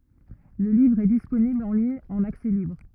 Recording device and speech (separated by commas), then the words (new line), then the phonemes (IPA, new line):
rigid in-ear microphone, read sentence
Le livre est disponible en ligne en accès libre.
lə livʁ ɛ disponibl ɑ̃ liɲ ɑ̃n aksɛ libʁ